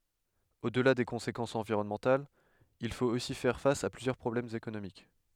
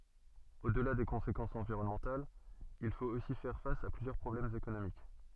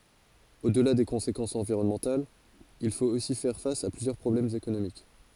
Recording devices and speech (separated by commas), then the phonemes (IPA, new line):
headset microphone, soft in-ear microphone, forehead accelerometer, read sentence
odla de kɔ̃sekɑ̃sz ɑ̃viʁɔnmɑ̃talz il fot osi fɛʁ fas a plyzjœʁ pʁɔblɛmz ekonomik